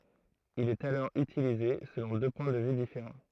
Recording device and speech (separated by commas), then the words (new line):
throat microphone, read sentence
Il est alors utilisé selon deux points de vue différents.